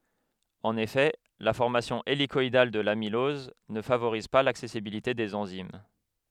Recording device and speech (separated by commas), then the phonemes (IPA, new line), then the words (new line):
headset microphone, read sentence
ɑ̃n efɛ la fɔʁmasjɔ̃ elikɔidal də lamilɔz nə favoʁiz pa laksɛsibilite dez ɑ̃zim
En effet, la formation hélicoïdale de l'amylose ne favorise pas l'accessibilité des enzymes.